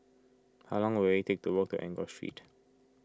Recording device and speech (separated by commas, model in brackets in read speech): close-talking microphone (WH20), read sentence